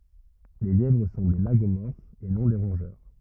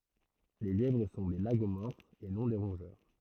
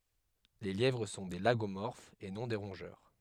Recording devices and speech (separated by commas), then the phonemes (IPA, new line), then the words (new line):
rigid in-ear microphone, throat microphone, headset microphone, read sentence
le ljɛvʁ sɔ̃ de laɡomɔʁfz e nɔ̃ de ʁɔ̃ʒœʁ
Les lièvres sont des Lagomorphes et non des Rongeurs.